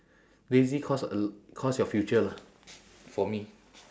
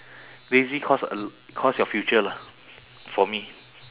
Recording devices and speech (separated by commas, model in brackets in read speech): standing microphone, telephone, conversation in separate rooms